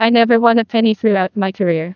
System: TTS, neural waveform model